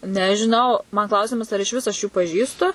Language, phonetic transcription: Lithuanian, nežiˈnau man ˈklausimas ar išˈvis aš ˈjų paˈžįstu

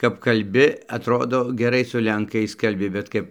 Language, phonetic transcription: Lithuanian, kap kalˈbi atˈrodo geˈrai su lenˈkais kalˈbi bet ˈkap

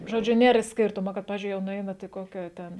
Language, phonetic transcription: Lithuanian, žoˈdžiu ˈnėr ˈskirtumo kad ˈpavizdžiui jau nuˈeinat i ˈkokia ˈten

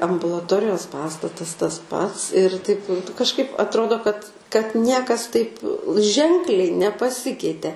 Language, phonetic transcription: Lithuanian, ambulaˈtorijos ˈpastatas tas ˈpats ir taip kažˈkaip atˈrodo kad kad ˈniekas ˈtaip ˈženkliai nepaˈsikeite

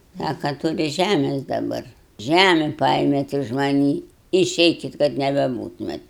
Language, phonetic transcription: Lithuanian, ˈsaka tuˈri ˈžæmes daˈbar ˈžæme ˈpaėmėt iž maˈnį iˈšeikit kad nebeˈbūtumėt

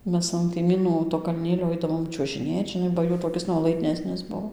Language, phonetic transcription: Lithuanian, ˈmes an kaiˈmynų to kalˈnėlio ˈaidavom čiuožiˈnėt žiˈnai ba ˈjų toˈkis nuolaidˈnesnis ˈbuo

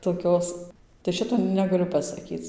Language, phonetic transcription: Lithuanian, toˈkios tai ˈšito negaˈliu pasaˈkyc

